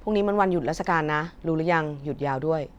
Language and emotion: Thai, neutral